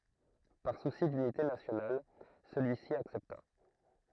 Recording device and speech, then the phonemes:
throat microphone, read sentence
paʁ susi dynite nasjonal səlyisi aksɛpta

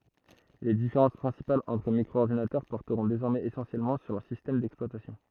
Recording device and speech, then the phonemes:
throat microphone, read sentence
le difeʁɑ̃s pʁɛ̃sipalz ɑ̃tʁ mikʁoɔʁdinatœʁ pɔʁtəʁɔ̃ dezɔʁmɛz esɑ̃sjɛlmɑ̃ syʁ lœʁ sistɛm dɛksplwatasjɔ̃

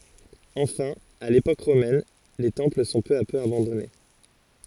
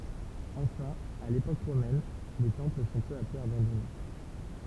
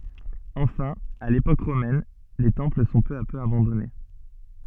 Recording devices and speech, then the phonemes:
forehead accelerometer, temple vibration pickup, soft in-ear microphone, read sentence
ɑ̃fɛ̃ a lepok ʁomɛn le tɑ̃pl sɔ̃ pø a pø abɑ̃dɔne

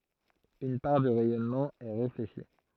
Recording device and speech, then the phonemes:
throat microphone, read sentence
yn paʁ dy ʁɛjɔnmɑ̃ ɛ ʁefleʃi

